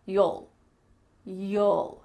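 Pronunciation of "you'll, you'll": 'You'll' is said the relaxed way, as a short 'yul', not as the full word 'you' followed by an 'ul' sound.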